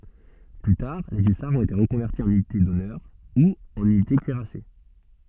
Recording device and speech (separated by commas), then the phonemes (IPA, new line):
soft in-ear microphone, read sentence
ply taʁ le ysaʁz ɔ̃t ete ʁəkɔ̃vɛʁti ɑ̃n ynite dɔnœʁ u ɑ̃n ynite kyiʁase